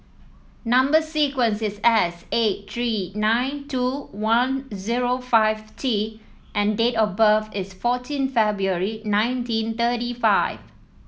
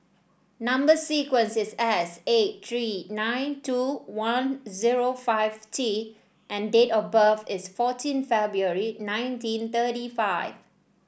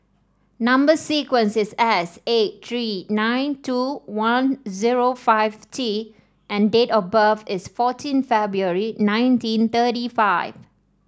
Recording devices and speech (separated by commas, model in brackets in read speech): mobile phone (iPhone 7), boundary microphone (BM630), standing microphone (AKG C214), read sentence